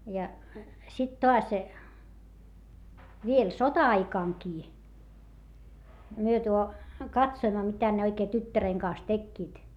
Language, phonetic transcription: Finnish, ja , sit toas , viel sota₍aikaŋkii , myö tuo , katsoimma mitä ne oikee tyttäreŋ kaas tekkiit .
- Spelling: ja sitten taas vielä sota-aikanakin me tuo katsoimme mitä ne oikein tyttären kanssa tekivät

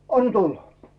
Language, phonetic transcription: Finnish, » 'an "tulla « .
- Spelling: anna tulla

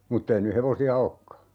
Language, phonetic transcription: Finnish, 'muttei ny "hevosi₍a 'okka .
- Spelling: mutta ei nyt hevosia olekaan

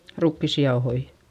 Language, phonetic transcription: Finnish, rukkissi jaohoi .
- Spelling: rukiisia jauhoja

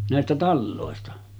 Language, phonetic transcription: Finnish, nä̀estä 'tallòesta .
- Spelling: näistä taloista

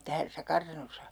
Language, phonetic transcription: Finnish, tässä 'kartanosa ?
- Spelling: tässä kartanossa

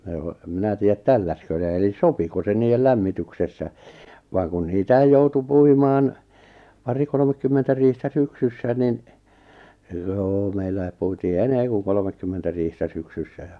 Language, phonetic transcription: Finnish, ʿne oʾ , em 'minä 'tì₍ät "tälläskö ne elis "sopiko se 'niijel "lämmityksessä , vaaŋ kun 'niitäij 'joutu 'puimaan , 'pari 'kolomekkymmentä riihtä 'syksyssä nin , joo 'meilläi̬p puitii "enee ku 'kolmekkymmentä riihtä 'syksyssä ja ,.
- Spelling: ne on en minä tiedä tälläsikö ne eli sopiko se niiden lämmityksessä vaan kun niitä joutui puimaan pari kolmekymmentä riihtä syksyssä niin joo meillä puitiin enemmän kuin kolmekymmentä riihtä syksyssä ja

